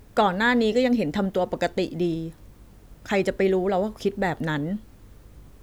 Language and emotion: Thai, frustrated